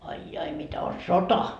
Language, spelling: Finnish, ai ai ai ai mitä on sota
- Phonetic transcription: ai jai , 'ai 'jai mitä o "sota .

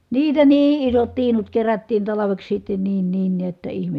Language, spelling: Finnish, niitä niin isot tiinut kerättiin talveksi sitten niin niin näet että ihme
- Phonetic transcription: niitä nii isot tiinut kerättiin talaveks sitten niin niin niät [et]tä ihme .

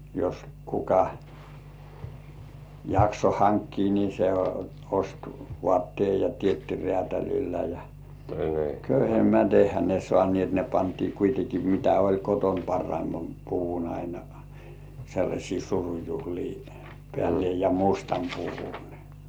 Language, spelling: Finnish, jos kuka jaksoi hankkia niin se osti vaatteen ja teetti räätälillä ja köyhemmät eihän ne saaneet ne pantiin kuitenkin mitä oli kotona parhaimman puvun aina sellaisiin surujuhliin päälle ja mustan puvun
- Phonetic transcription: jos 'kuka , 'jakso "haŋkkii ni se 'ost "voàttíèj ja 'tietti rĕä̀täl̜illä ja , "köyhemmät 'eihä ne 'sŏànĭèt ne pantii kuiteki 'mitä oĺ koton "parraimmam 'puvun aina , sellaśii 'surujuhlii pĕä̀le ja 'mustam 'puvun .

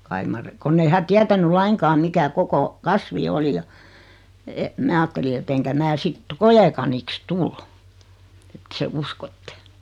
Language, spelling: Finnish, kai mar kun ei hän tietänyt lainkaan mikä koko kasvi oli ja että minä ajattelin että enkä minä sitten koekaniksi tule että sen uskotte
- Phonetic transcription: 'kai mar , 'konn ‿ei hä 'tiätäny "laiŋkaam 'mikä 'koko , "kasvi 'oli ja , et , 'mää aatteli et eŋkä "mää 'sit , "kojekaniks "tul , ᵉt 'se "uskotte .

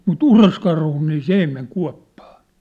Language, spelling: Finnish, mutta uroskarhu niin se ei mene kuoppaan
- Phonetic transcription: mu"t ‿uroskarhu nii "s ‿ei meŋ 'kua̭ppᴀᴀ .

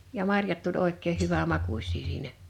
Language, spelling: Finnish, ja marjat tuli oikein hyvänmakuisia siinä
- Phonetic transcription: ja 'marjat tuĺ 'òek̆keeh̆ 'hyvä"makuś̀ii siinä .

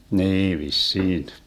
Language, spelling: Finnish, niin vissiin
- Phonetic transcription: "nii 'vis"siin .

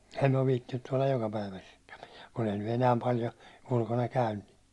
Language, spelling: Finnish, en on viitsinyt tuolla jokapäiväisestikään pitää kun ei nyt enää paljon ulkona käyn niin
- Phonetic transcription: en ov viittinnyt tuålaj 'jokapäivä(sestkäm) pitää , kun ‿ei ny 'enääm 'paljo , 'ulkona käyn nɪ .

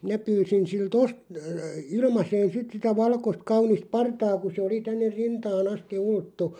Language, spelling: Finnish, minä pyysin siltä - - ilmaiseen sitten sitä valkoista kaunista partaa kun se oli tänne rintaan asti ulottui
- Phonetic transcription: 'minä pyysin sil"t ‿ost- , ə- 'ilmaseen "sit sitä 'valkost 'kaunist "partaa ku se oli 'tänner "rintaa'n ‿asti 'ulttu .

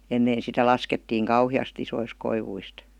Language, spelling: Finnish, ennen sitä laskettiin kauheasti isoista koivuista
- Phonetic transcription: 'ennee sitä 'laskettiiŋ "kauhi₍as't ‿isois 'koivuist .

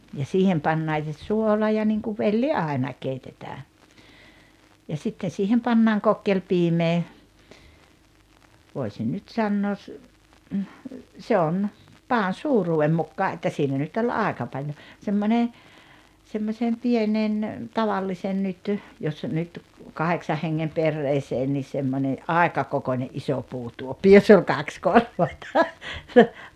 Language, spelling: Finnish, ja siihen pannaan se suola ja niin kuin velli aina keitetään ja sitten siihen pannaan kokkelipiimää voisin nyt sanoa se on padan suuruuden mukaan että siinä nyt oli aika paljon semmoinen semmoisen pienen tavallisen nyt jos nyt kahdeksan hengen perheeseen niin semmoinen aika kokoinen iso puutuoppi jossa oli kaksi korvainta
- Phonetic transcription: ja 'siihem pannaaŋ se "suola ja niŋkuv 'velli "ài̬na , 'keitetää , ja 'sitten̬ siihem pannaaŋ "kokkelpiimee , vòisin nyt "sannoos , se on , "paan̬ "suu-ruu₍em 'mukkaa ’että ’siinä nyt oĺ "àeka 'paĺjo , 'semmone , semmośem 'pienen , 'tavallisen nyt , jos nyt , 'kaheksah heŋŋem 'perreeseen nis̆ semmońe , "àeka kokońe’ '’iso 'puutuoppi 'joss ‿oĺ 'kaks 'korvainta .

